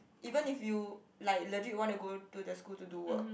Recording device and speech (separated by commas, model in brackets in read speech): boundary microphone, conversation in the same room